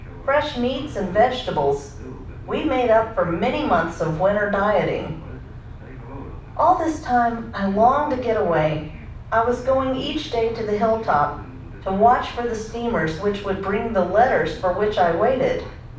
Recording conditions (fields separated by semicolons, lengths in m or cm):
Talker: one person; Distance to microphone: 5.8 m; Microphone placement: far; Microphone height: 1.8 m; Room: medium-sized (5.7 m by 4.0 m); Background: television